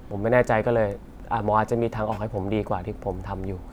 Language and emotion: Thai, frustrated